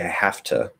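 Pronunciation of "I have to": The final 'to' in 'I have to' is reduced to an uh sound and is unstressed.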